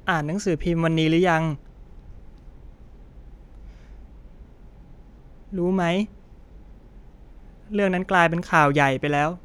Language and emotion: Thai, frustrated